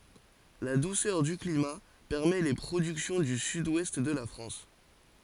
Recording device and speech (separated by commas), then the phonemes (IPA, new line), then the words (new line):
forehead accelerometer, read sentence
la dusœʁ dy klima pɛʁmɛ le pʁodyksjɔ̃ dy syd wɛst də la fʁɑ̃s
La douceur du climat permet les productions du Sud-Ouest de la France.